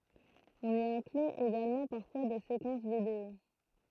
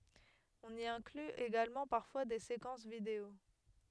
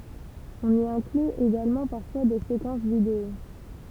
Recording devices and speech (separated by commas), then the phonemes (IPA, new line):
throat microphone, headset microphone, temple vibration pickup, read sentence
ɔ̃n i ɛ̃kly eɡalmɑ̃ paʁfwa de sekɑ̃s video